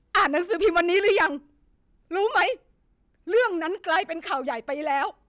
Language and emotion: Thai, angry